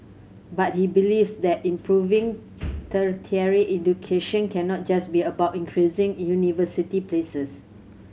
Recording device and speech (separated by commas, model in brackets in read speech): mobile phone (Samsung C7100), read sentence